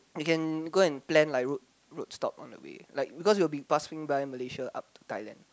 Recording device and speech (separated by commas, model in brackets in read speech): close-talking microphone, conversation in the same room